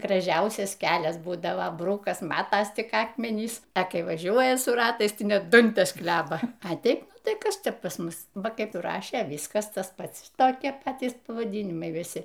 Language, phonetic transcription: Lithuanian, graˈžiausias ˈkelias ˈbūdava ˈbrukas ˈmatas ˈtik ˈakmenys a ˈkai vaˈžiuoja su ˈratais ˈtai ˈnet ˈdantes ˈkleba a ˈteip ˈnu tai ˈkas ˈčia pas ˈmus ˈva ˈkaip ˈrašė ˈvyskas ˈtas ˈpats ˈtokie ˈpatys pavaˈdynimai viˈsi

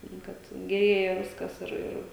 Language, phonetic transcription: Lithuanian, nu ˈkad geˈrėja ˈviskas ir ˈir

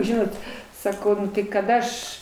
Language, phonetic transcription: Lithuanian, ˈžinot saˈkau kad ˈaš

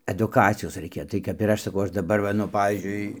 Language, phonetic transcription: Lithuanian, aduˈkacijos raiˈkia tai kap ir ˈaš saˈkau ˈaš daˈbar ˈva nu ˈpavyzdžiui

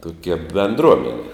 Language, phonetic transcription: Lithuanian, tokia benˈdruomeni

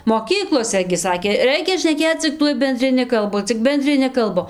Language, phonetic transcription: Lithuanian, moˈkyklose gi ˈsakė ˈreikia šneˈkėc cik ˈtuoj bendriˈni kalˈbu cik bendriˈni kalˈbu

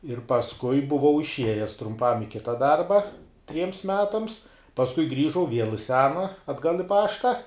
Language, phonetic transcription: Lithuanian, ir pasˈkui buˈvau išˈiejes trumˈpam i ˈkita ˈdarba triems ˈmetams pasˈkui ˈgrįžau viel i ˈsena atˈgal i ˈpašta

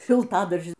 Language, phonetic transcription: Lithuanian, šilˈtadaržin

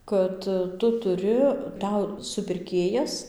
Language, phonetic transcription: Lithuanian, ˈkad ˈtu tuˈri ˈtau supirˈkėjas

